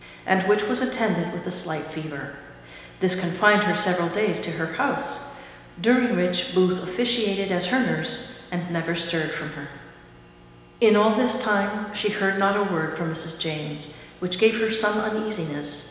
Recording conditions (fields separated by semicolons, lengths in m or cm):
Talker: one person; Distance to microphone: 1.7 m; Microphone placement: close; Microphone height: 1.0 m; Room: very reverberant, large; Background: none